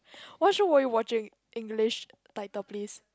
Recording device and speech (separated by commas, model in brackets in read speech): close-talking microphone, conversation in the same room